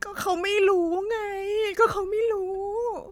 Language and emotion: Thai, sad